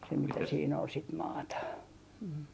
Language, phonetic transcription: Finnish, se mitä siin ‿ol sit "maata .
- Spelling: se mitä siinä oli sitä maata

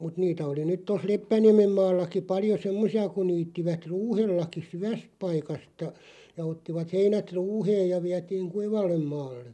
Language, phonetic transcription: Finnish, mut 'niitä oli 'nyt toˢ "Leppäniämem 'maallaki 'paljo "semmosi₍a kuⁿ 'niittivät "ruuhellaki "syväsᵗ 'paikasta , ja 'ottivat 'heinät "ruuheej ja 'viätiiŋ "kuivallem 'maalle .
- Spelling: mutta niitä oli nyt tuossa Leppäniemen maallakin paljon semmoisia kun niittivät ruuhellakin syvästä paikasta ja ottivat heinät ruuheen ja vietiin kuivalle maalle

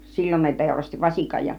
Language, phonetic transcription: Finnish, 'sil͕l͕on ne 'tèurasti "vasikaj ja .
- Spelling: silloin ne teurasti vasikan ja

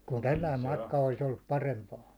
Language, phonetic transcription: Finnish, kun 'tälläim matka olis ollup 'parempaan̬ .
- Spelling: kun tällainen matka olisi ollut parempaan

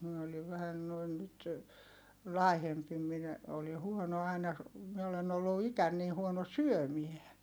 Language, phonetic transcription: Finnish, mie oliv vähän noin nyt , lài̮hempi minä , oli huono aina , mie olen ‿ollu ikän nii huono syömie .
- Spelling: minä olin vähän noin nyt laihempi minä olin huono aina minä olen ollut ikäni niin huono syömään

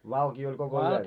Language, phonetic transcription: Finnish, 'valkii oĺ koko 'yön .
- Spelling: valkea oli koko yön

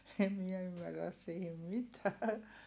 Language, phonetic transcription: Finnish, em miɛ ymmärräs siihim mitää .
- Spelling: en minä ymmärrä siihen mitään

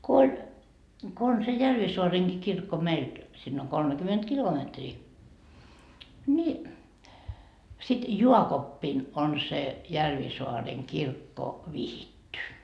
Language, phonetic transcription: Finnish, ko oĺ , ko on se 'Järvisoareŋki kirkko 'meilt , sinn ‿oŋ "kolmekyment 'kilometrii , ni , sit "juakoppin on se , 'Järvisoareŋ kirkko , "vihitty .
- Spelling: kun oli kun on se Järvisaarenkin kirkko meiltä sinne on kolmekymmentä kilometriä niin sitten jaakoppina on se Järvisaaren kirkko vihitty

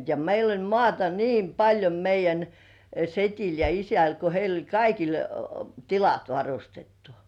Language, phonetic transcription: Finnish, ja "meil ‿oĺ "mŏàta 'niim 'paĺjo meij̆jän , 'set́il ja 'isäl ko 'heil ‿oĺ 'kaikil , "tilat 'varustettᴜ .
- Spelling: ja meillä oli maata niin paljon meidän sedillä ja isällä kun heillä oli kaikilla tilat varustettu

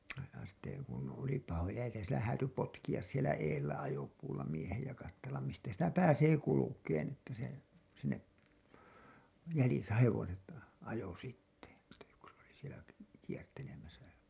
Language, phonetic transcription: Finnish, ja sitte , kun oli pahoja jä- , sielä 'hääty 'potkiʲas sielä 'eellä 'ajopuulla miehej ja kattellam mistä sitä "pääsee 'kulukeen ‿että se , sinnep , 'jälisä 'hevoset , ajo sitte , että yks oli sielä k- , kiertelemäsä .
- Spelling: ja sitten kun oli pahoja - siellä häätyi potkia siellä edellä ajopuulla miehen ja katsella mistä sitä pääsee kulkemaan että se sinne jäljissä hevoset ajoi sitten että yksi oli siellä - kiertelemässä

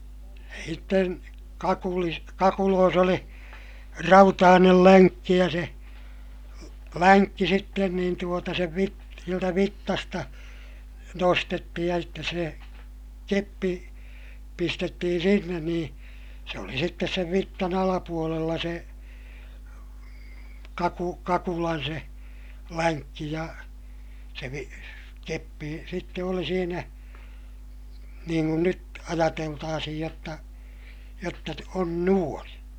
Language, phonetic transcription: Finnish, (ja) hitten , kakulis , kakuloos ‿oli , rautaanel läŋkki ja se , länkki sitten niin tuota sev vit- , sieltä vittasta , nostettihij ja sittes se , keppi , pistettihin̬ sinnen nii , se oli sittes sev vittan ‿alapuolella se , kaku- , kakulan se , läŋkki ja , se vi- , keppi sitte oli siinä , niiŋ kun nyt , ajateltaasihij jotta , jotta on nuon .
- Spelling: ja sitten kakulissa kakuloissa oli rautainen lenkki ja se lenkki sitten niin tuota sen - sieltä vitsasta nostettiin ja sitten se keppi pistettiin sinne niin se oli sitten sen vitsan alapuolella se - kakulan se lenkki ja se - keppi sitten oli siinä niin kuin nyt ajateltaisiin jotta jotta on noin

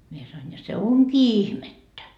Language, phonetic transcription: Finnish, mie sa₍oin ja se "oŋkii 'ihmettä .
- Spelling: minä sanoin ja se onkin ihmettä

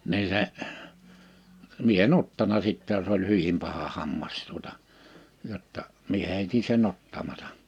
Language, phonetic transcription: Finnish, 'nii se , 'mie e"n ‿ottana 'sittɛ jos ‿oĺ 'hyvim paha 'hammas tuota , jotta , mie 'hèiti se'n ‿ottamata .
- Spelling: niin se minä en ottanut sitten jos oli hyvin paha hammas tuota jotta minä heitin sen ottamatta

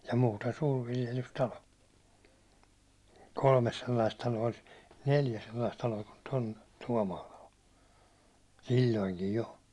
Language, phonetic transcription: Finnish, ja muuten 'suurviljelys'talo , kolmes 'sellaist talo₍a (olis) , 'neljä sellaist talo₍a kun Tom- 'Tuåmaala o , "sil̜l̜oiŋkij jo .
- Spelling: ja muuten suurviljelystalo kolme sellaista taloa olisi neljä sellaista taloa kuin - Tuomaala on silloinkin jo

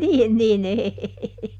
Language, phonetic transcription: Finnish, ˈniin ˈnin ‿ei .
- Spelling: niin niin ei

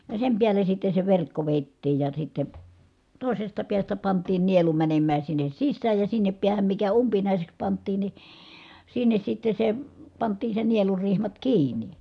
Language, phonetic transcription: Finnish, ja sem piäle sitte se verkko vèi̮ttiij ja sitte , tòisesta piästä pant̀iin̆ nielu mänemmää sinnes sissääj ja sinnep piähäm mikä umpinàiseks pant̆tiin ni , sinnes sitte se , pant̀iin̬ se nielurrihmat kiiǹi .
- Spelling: ja sen päälle sitten se verkko vedettiin ja sitten toisesta päästä pantiin nielu menemään sinne sisään ja sinne päähän mikä umpinaiseksi pantiin niin sinne sitten se pantiin se nielurihmat kiinni

